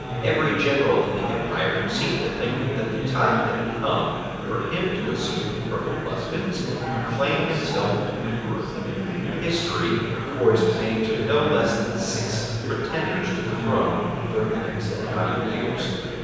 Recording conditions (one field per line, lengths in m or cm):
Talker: one person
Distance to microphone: 7.1 m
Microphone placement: far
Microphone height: 1.7 m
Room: very reverberant, large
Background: babble